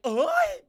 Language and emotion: Thai, angry